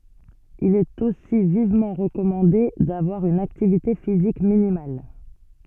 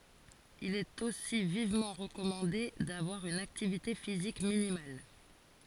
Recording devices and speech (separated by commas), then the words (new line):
soft in-ear microphone, forehead accelerometer, read sentence
Il est aussi vivement recommandé d'avoir une activité physique minimale.